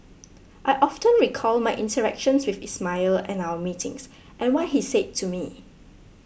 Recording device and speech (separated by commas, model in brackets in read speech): boundary microphone (BM630), read sentence